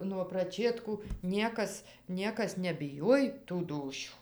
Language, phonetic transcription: Lithuanian, nuo praˈčėtkų ˈniekas ˈniekas nebiˈjoj tų ˈdūšių

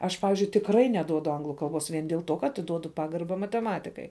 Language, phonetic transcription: Lithuanian, ˈaš ˈpavizdžiui tikˈrai neˈduodu ˈanglu kalˈbos vien dėl ˈtuo ka atiˈduodu ˈpagarba mateˈmatikai

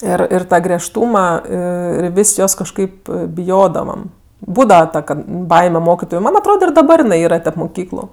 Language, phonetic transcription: Lithuanian, ˈir ir ˈtą griežˈtūma ˈir ir ˈvis' ˈjos kažˈkaip biˈjodavam ˈbūdava ˈta kad ˈbaime ˈmokitoju ˈman atˈroda ir daˈbar jiˈnai ˈyra tep muˈkyklu

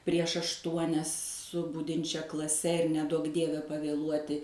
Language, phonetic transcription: Lithuanian, prieš ašˈtuonias su ˈbudinčia klaˈse ir neˈduok ˈdieve pavėˈluoti

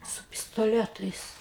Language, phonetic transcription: Lithuanian, su pistoˈletais

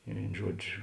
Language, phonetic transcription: Lithuanian, i ˈvėin ˈžuodžiu

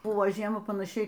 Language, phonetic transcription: Lithuanian, ˈbuvo ˈžiema panaˈšiai

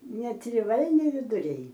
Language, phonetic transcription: Lithuanian, netriˈvalni viduˈriai

